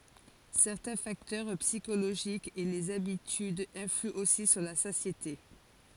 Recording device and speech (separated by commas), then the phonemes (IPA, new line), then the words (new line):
forehead accelerometer, read sentence
sɛʁtɛ̃ faktœʁ psikoloʒikz e lez abitydz ɛ̃flyɑ̃ osi syʁ la satjete
Certains facteurs psychologiques et les habitudes influent aussi sur la satiété.